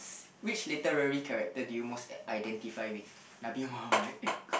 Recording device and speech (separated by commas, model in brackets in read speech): boundary microphone, conversation in the same room